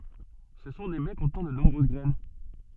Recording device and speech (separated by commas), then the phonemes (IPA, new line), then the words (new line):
soft in-ear microphone, read sentence
sə sɔ̃ de bɛ kɔ̃tnɑ̃ də nɔ̃bʁøz ɡʁɛn
Ce sont des baies contenant de nombreuses graines.